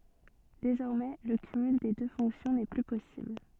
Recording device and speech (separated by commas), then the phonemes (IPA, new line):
soft in-ear microphone, read sentence
dezɔʁmɛ lə kymyl de dø fɔ̃ksjɔ̃ nɛ ply pɔsibl